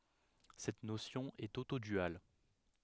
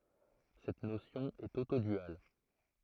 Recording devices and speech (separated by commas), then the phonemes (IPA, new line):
headset microphone, throat microphone, read sentence
sɛt nosjɔ̃ ɛt otodyal